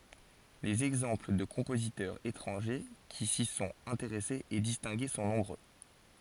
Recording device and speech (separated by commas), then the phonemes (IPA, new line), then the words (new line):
forehead accelerometer, read sentence
lez ɛɡzɑ̃pl də kɔ̃pozitœʁz etʁɑ̃ʒe ki si sɔ̃t ɛ̃teʁɛsez e distɛ̃ɡe sɔ̃ nɔ̃bʁø
Les exemples de compositeurs étrangers qui s'y sont intéressés et distingués sont nombreux.